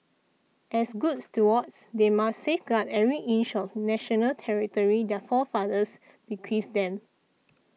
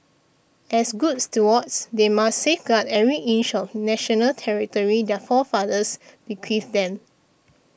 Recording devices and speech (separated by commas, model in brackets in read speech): mobile phone (iPhone 6), boundary microphone (BM630), read sentence